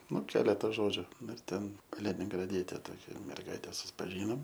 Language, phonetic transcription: Lithuanian, ˈnu ˈkeleta ˈžodžiu ˈnu ir ˈten kaliningraˈdiete toˈkia merˈgaite suspaˈžynom

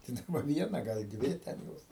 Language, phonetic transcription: Lithuanian, tai ˈdaba ˈviena gal ˈdvi ten ˈjos

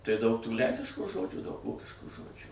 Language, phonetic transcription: Lithuanian, tai daug tų ˈlenkiškų ˈžodžių daug ˈvokiškų ˈžodžių

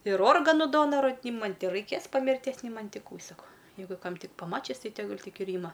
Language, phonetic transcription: Lithuanian, ir ˈorganu ˈdonaru ˈni ˈman' ti raiˈkės pa mirˈties ni ˈman' ˈti ˈkų ˈsako ˈjeigu ˈkam ˈtik paˈmačis ˈtai teˈgul' ˈtik ir ˈyma

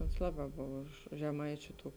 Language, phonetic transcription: Lithuanian, ons ˈlaˌbā ˈbov už už žeˈmaičiu ˈtų

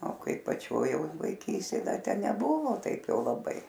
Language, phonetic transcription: Lithuanian, o ˈkai paˈčioj jau vaiˈkystėj ˈda ˈte neˈbuvo ˈtaip ˈjau laˈbai

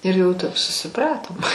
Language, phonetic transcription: Lithuanian, ir jau tap susiˈpratom

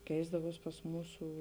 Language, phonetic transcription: Lithuanian, ˈkeisdavuos pas ˈmūsų

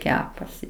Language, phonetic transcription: Lithuanian, ˈkepasi

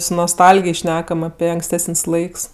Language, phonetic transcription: Lithuanian, su nosˈtalgij ˈšnekam ape anksˈtesən's' ˈlaiks

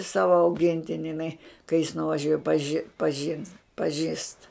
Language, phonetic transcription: Lithuanian, ˈsava auˈgintini iˈnai kai jis nuvaˈžiuoj a paˈži paˈžins paˈžįst

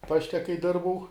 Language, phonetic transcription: Lithuanian, ˈpašte kai ˈdirbau

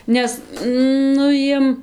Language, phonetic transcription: Lithuanian, ˈnes ˈnu jiem

